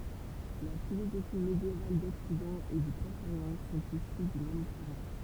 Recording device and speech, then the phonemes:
temple vibration pickup, read sentence
la filozofi medjeval dɔksidɑ̃ e dy pʁɔʃ oʁjɑ̃ sɔ̃t isy dy mɛm kuʁɑ̃

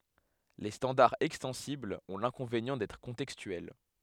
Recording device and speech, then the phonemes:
headset microphone, read sentence
le stɑ̃daʁz ɛkstɑ̃siblz ɔ̃ lɛ̃kɔ̃venjɑ̃ dɛtʁ kɔ̃tɛkstyɛl

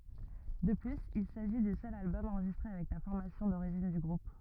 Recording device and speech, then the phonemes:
rigid in-ear microphone, read sentence
də plyz il saʒi dy sœl albɔm ɑ̃ʁʒistʁe avɛk la fɔʁmasjɔ̃ doʁiʒin dy ɡʁup

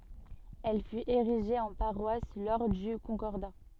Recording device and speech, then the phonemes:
soft in-ear microphone, read sentence
ɛl fyt eʁiʒe ɑ̃ paʁwas lɔʁ dy kɔ̃kɔʁda

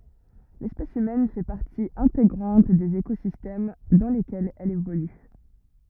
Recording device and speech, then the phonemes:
rigid in-ear microphone, read sentence
lɛspɛs ymɛn fɛ paʁti ɛ̃teɡʁɑ̃t dez ekozistɛm dɑ̃ lekɛlz ɛl evoly

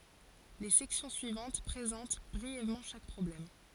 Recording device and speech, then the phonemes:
forehead accelerometer, read sentence
le sɛksjɔ̃ syivɑ̃t pʁezɑ̃t bʁiɛvmɑ̃ ʃak pʁɔblɛm

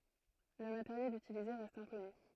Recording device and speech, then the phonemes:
throat microphone, read sentence
lə mateʁjɛl ytilize ʁɛst ɛ̃kɔny

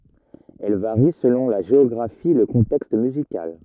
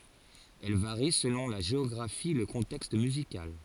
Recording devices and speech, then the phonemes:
rigid in-ear microphone, forehead accelerometer, read sentence
ɛl vaʁi səlɔ̃ la ʒeɔɡʁafi e lə kɔ̃tɛkst myzikal

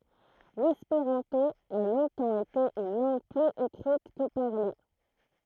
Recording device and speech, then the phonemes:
throat microphone, read sentence
lɛspeʁɑ̃to a lɔ̃tɑ̃ ete yn lɑ̃ɡ plyz ekʁit kə paʁle

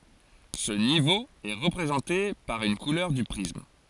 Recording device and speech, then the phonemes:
forehead accelerometer, read sentence
sə nivo ɛ ʁəpʁezɑ̃te paʁ yn kulœʁ dy pʁism

